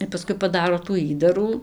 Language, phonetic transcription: Lithuanian, ir paˈskui paˈdaro tų ˈįdarų

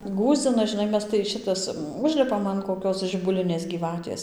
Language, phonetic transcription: Lithuanian, ˈgųsdzina žiˈnai ˈmes tai ˈšitas ˈužlipam an koˈkios žibuˈlinės gyˈvatės

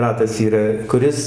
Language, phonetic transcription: Lithuanian, ˈratas yˈra kuˈris

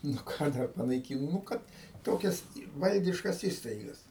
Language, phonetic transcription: Lithuanian, nu ˈką dar panaiˈkyno nu ˈkad ˈtokias ˈvaldiškas ˈįstaigas

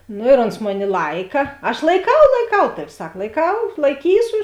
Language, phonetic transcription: Lithuanian, ˈno ir ons ˈmoˌni ˈlaika aš laiˈkau laiˈkau ˈtavi ˈsak laiˈkau laiˈkysu

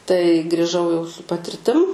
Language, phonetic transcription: Lithuanian, tai grįˈžau jau su patirˈtim

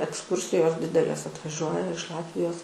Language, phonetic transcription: Lithuanian, eksˈkūrsijos ˈdidelės atvaˈžiuoja iš ˈlatvijos

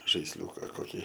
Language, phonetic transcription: Lithuanian, žaisˈliūka koˈkį

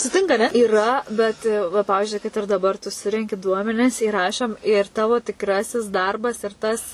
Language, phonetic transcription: Lithuanian, suˈtinka aˈne yˈra bet va ˈpavizdžiui kad ir daˈbar tu ˈsurenki ˈduomenis įˈrašom ir ˈtavo tikˈrasis ˈdarbas ir ˈtas

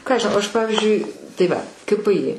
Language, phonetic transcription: Lithuanian, ˈką aš žiˈnau ˈaš ˈpavizdžiui tai ˈva ka pɘ i

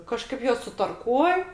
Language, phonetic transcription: Lithuanian, kaˈžkaip ˈjuos sutarˈkuoj

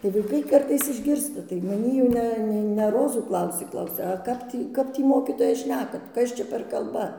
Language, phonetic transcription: Lithuanian, tai vaˈikai ˈkartais išˈgirsta tai maˈnį jau ˈne ne ne ˈrozų ˈklausė ˈklausia a ˈkap tį ˈkap tį ˈmokytoja ˈšnekat ˈkas čia per ˈkalba

